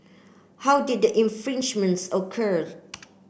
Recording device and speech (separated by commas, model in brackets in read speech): boundary microphone (BM630), read sentence